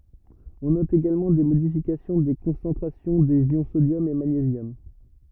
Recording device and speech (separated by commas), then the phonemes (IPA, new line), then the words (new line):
rigid in-ear microphone, read sentence
ɔ̃ nɔt eɡalmɑ̃ de modifikasjɔ̃ de kɔ̃sɑ̃tʁasjɔ̃ dez jɔ̃ sodjɔm e maɲezjɔm
On note également des modifications des concentrations des ions sodium et magnésium.